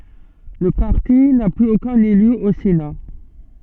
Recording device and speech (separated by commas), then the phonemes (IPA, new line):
soft in-ear microphone, read sentence
lə paʁti na plyz okœ̃n ely o sena